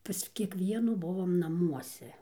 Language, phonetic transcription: Lithuanian, pas kieˈkvienų ˈbuvom naˈmuose

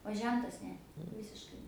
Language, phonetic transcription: Lithuanian, o ˈžentas ˈne ˈvisiškai

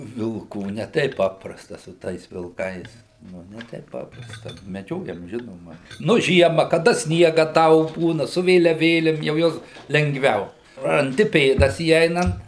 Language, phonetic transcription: Lithuanian, vilˈkų ne ˈteip ˈpaprasta su ˈtais vilˈkais ˈnu ne ˈteip ˈpaprasta meˈdžiojam ˈžinoma nu ˈžiema kaˈda ˈsniega ˈdaug ˈbūna su vėliaˈvėlim jau ˈjuos lengˈviau ranˈdi ˈpėdas įˈeinant

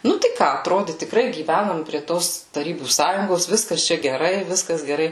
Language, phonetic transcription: Lithuanian, ˈnu tai ˈką atˈrodi tikˈrai gyˈvænom prie ˈtos taˈrybų ˈsąjungos ˈviskas ˈčia geˈrai ˈviskas geˈrai

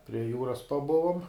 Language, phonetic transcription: Lithuanian, prie ˈjūras paˈbuvum

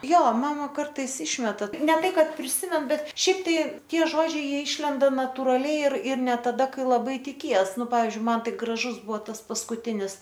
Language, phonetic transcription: Lithuanian, ˈjo ˈmama ˈkartais ˈišmeta ne ˈtai ˈkad priˈsimen ˈbet ˈšiaip tai ˈtie ˈžodžiai ˈjie ˈišlenda naturaˈliai ir ir ne taˈda ˈkai laˈbai tiˈkies ˈnu ˈpavizdžiui ˈman ˈtai graˈžus ˈbuvo ˈtas paskuˈtinis

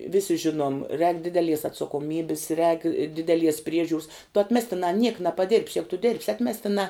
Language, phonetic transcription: Lithuanian, ˈvisi ˈžinuom rēk ˈdidelies atsakoˈmybis rēk ˈdideˌlies ˈpriežiūrs tu atˈmestinā niek napaˈdirb's ˈjegu tu dirb's ˈatmestinā

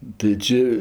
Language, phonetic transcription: Lithuanian, tai ˈči

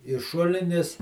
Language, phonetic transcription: Lithuanian, i ˈšulinis

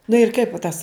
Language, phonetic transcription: Lithuanian, nu ir ˈkaip va ˈtas

